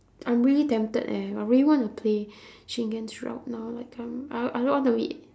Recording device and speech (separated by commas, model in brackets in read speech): standing microphone, conversation in separate rooms